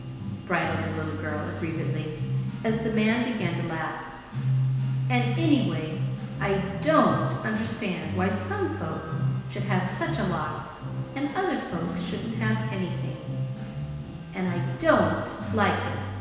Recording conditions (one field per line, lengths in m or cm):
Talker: one person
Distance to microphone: 1.7 m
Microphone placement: close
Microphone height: 1.0 m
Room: very reverberant, large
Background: music